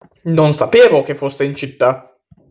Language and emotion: Italian, surprised